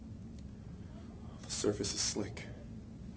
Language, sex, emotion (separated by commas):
English, male, neutral